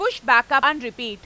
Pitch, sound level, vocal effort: 270 Hz, 103 dB SPL, very loud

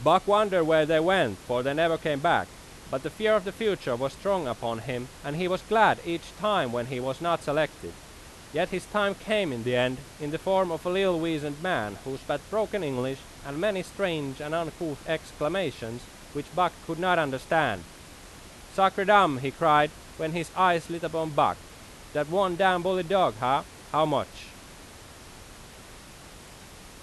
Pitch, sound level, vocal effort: 160 Hz, 94 dB SPL, very loud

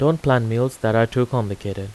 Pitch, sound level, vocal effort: 120 Hz, 85 dB SPL, normal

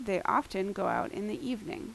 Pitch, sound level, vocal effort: 200 Hz, 82 dB SPL, normal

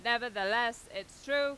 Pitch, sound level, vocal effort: 235 Hz, 99 dB SPL, loud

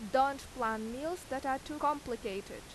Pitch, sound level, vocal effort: 265 Hz, 89 dB SPL, very loud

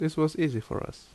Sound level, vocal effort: 76 dB SPL, normal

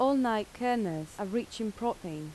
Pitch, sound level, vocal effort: 220 Hz, 84 dB SPL, normal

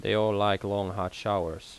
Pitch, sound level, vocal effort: 100 Hz, 84 dB SPL, normal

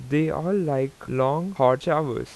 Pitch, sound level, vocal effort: 150 Hz, 87 dB SPL, normal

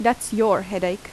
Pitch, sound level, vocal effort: 215 Hz, 83 dB SPL, normal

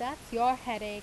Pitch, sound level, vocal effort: 245 Hz, 91 dB SPL, loud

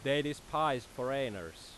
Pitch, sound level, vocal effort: 135 Hz, 93 dB SPL, very loud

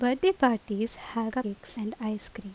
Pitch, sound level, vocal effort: 230 Hz, 80 dB SPL, normal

